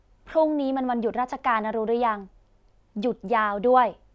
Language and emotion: Thai, neutral